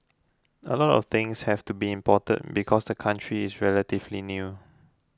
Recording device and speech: close-talking microphone (WH20), read sentence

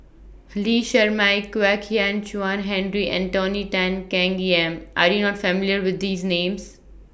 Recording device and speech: boundary microphone (BM630), read sentence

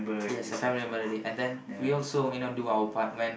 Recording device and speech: boundary microphone, conversation in the same room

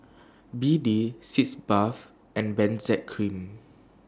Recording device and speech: standing microphone (AKG C214), read sentence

